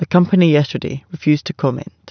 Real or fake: real